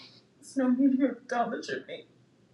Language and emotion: English, sad